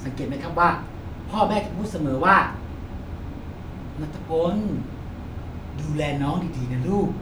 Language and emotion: Thai, happy